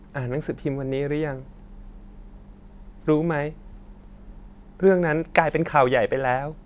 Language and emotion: Thai, sad